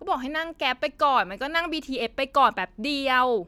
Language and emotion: Thai, frustrated